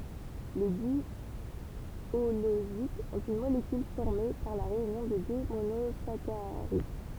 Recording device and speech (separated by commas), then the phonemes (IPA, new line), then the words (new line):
temple vibration pickup, read sentence
le djolozidz ɔ̃t yn molekyl fɔʁme paʁ la ʁeynjɔ̃ də dø monozakaʁid
Les diholosides ont une molécule formée par la réunion de deux monosaccharides.